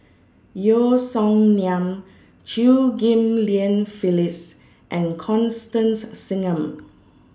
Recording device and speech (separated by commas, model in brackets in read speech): standing microphone (AKG C214), read sentence